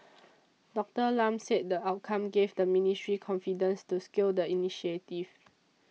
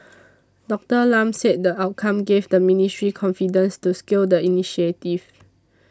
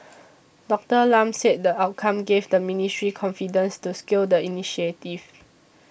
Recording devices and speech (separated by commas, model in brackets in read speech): mobile phone (iPhone 6), standing microphone (AKG C214), boundary microphone (BM630), read sentence